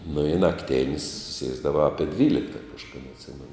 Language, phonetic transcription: Lithuanian, nu i nakˈtėn's' ˈsiesdava ˈapie ˈdvylikta kažkaˈda atˈsimenu

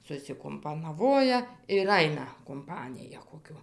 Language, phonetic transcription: Lithuanian, susikumpanaˈvoja ir ˈaina kumˈpanija koˈkiu

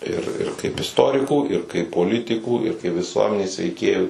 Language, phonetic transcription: Lithuanian, ir ir kaip isˈtorikų ir kaip poˈlitikų ir kai viˈsuomenės veiˈkėjų

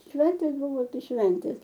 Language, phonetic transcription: Lithuanian, ˈšventės ˈbūvo ˈtai ˈšventės

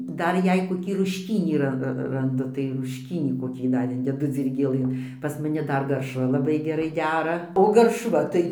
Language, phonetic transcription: Lithuanian, ˈdar ˈjeigu koˈkį rušˈkynį ˈra ranˈdu tai rušˈkynį koˈkį ˈ dar ˈindedu dzyrgėˈlɘn pas maˈni ˈdar garšˈva laˈbai geˈrai ˈdera o ˈgaršva tai

